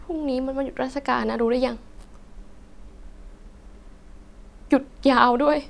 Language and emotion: Thai, sad